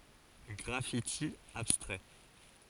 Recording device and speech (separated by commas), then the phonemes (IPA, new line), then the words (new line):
forehead accelerometer, read sentence
ɡʁafiti abstʁɛ
Graffiti abstrait.